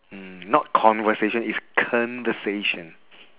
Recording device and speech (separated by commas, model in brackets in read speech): telephone, conversation in separate rooms